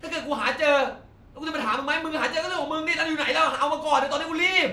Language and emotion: Thai, angry